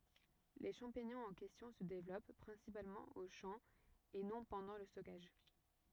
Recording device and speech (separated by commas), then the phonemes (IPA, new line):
rigid in-ear microphone, read sentence
le ʃɑ̃piɲɔ̃z ɑ̃ kɛstjɔ̃ sə devlɔp pʁɛ̃sipalmɑ̃ o ʃɑ̃ e nɔ̃ pɑ̃dɑ̃ lə stɔkaʒ